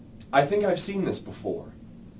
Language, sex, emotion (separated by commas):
English, male, neutral